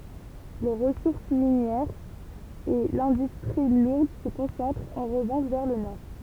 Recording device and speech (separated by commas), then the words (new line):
temple vibration pickup, read sentence
Les ressources minières et l'industrie lourde se concentrent en revanche vers le Nord.